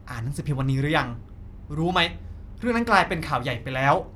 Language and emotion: Thai, angry